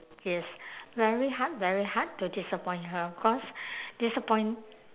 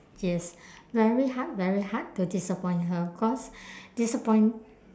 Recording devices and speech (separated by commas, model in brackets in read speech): telephone, standing microphone, conversation in separate rooms